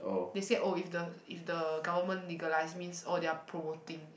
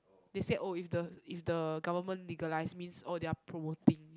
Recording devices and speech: boundary microphone, close-talking microphone, conversation in the same room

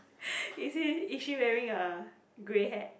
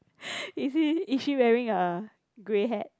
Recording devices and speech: boundary microphone, close-talking microphone, conversation in the same room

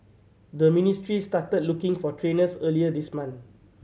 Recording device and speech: mobile phone (Samsung C7100), read sentence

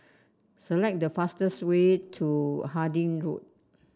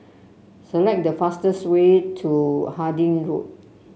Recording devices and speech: standing microphone (AKG C214), mobile phone (Samsung C7), read sentence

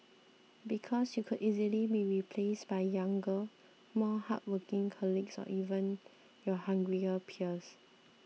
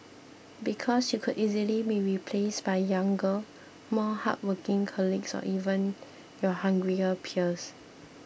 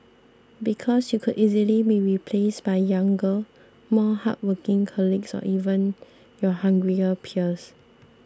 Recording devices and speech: mobile phone (iPhone 6), boundary microphone (BM630), standing microphone (AKG C214), read sentence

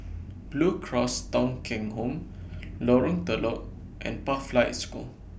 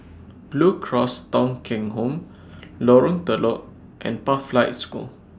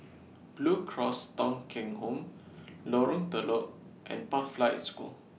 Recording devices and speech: boundary microphone (BM630), standing microphone (AKG C214), mobile phone (iPhone 6), read sentence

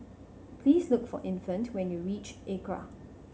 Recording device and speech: mobile phone (Samsung C7100), read sentence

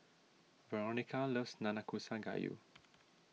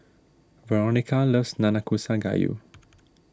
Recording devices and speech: mobile phone (iPhone 6), standing microphone (AKG C214), read sentence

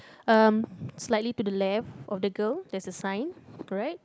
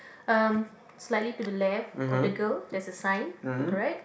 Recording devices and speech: close-talking microphone, boundary microphone, conversation in the same room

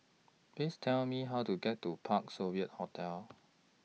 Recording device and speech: mobile phone (iPhone 6), read sentence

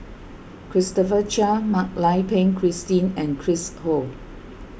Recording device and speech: boundary microphone (BM630), read sentence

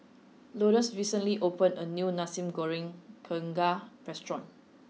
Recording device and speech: mobile phone (iPhone 6), read sentence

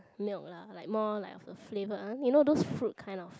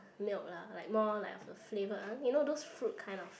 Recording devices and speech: close-talking microphone, boundary microphone, conversation in the same room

